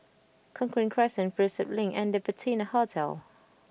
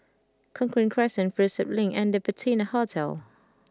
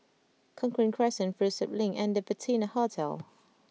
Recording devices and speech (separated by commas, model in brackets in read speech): boundary microphone (BM630), close-talking microphone (WH20), mobile phone (iPhone 6), read sentence